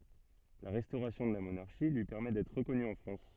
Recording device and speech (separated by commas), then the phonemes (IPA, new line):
soft in-ear microphone, read sentence
la ʁɛstoʁasjɔ̃ də la monaʁʃi lyi pɛʁmɛ dɛtʁ ʁəkɔny ɑ̃ fʁɑ̃s